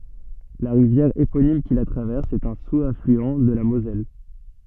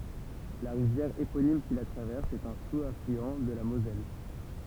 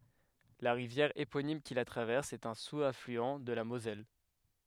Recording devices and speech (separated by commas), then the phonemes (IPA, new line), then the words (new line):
soft in-ear microphone, temple vibration pickup, headset microphone, read sentence
la ʁivjɛʁ eponim ki la tʁavɛʁs ɛt œ̃ suzaflyɑ̃ də la mozɛl
La rivière éponyme qui la traverse est un sous-affluent de la Moselle.